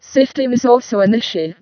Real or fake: fake